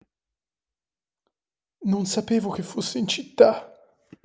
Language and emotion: Italian, fearful